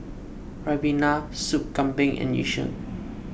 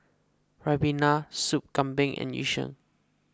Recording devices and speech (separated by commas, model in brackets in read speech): boundary microphone (BM630), close-talking microphone (WH20), read sentence